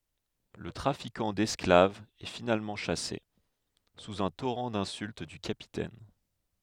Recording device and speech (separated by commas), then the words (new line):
headset microphone, read sentence
Le trafiquant d'esclaves est finalement chassé, sous un torrent d'insultes du Capitaine.